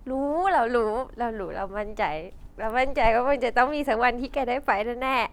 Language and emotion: Thai, happy